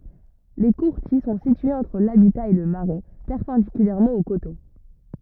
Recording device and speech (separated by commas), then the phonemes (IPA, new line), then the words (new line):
rigid in-ear microphone, read sentence
le kuʁtil sɔ̃ sityez ɑ̃tʁ labita e lə maʁɛ pɛʁpɑ̃dikylɛʁmɑ̃ o koto
Les courtils sont situés entre l'habitat et le marais, perpendiculairement au coteau.